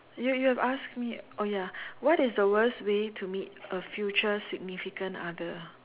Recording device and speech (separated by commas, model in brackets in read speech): telephone, conversation in separate rooms